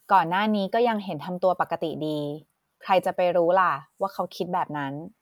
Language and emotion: Thai, neutral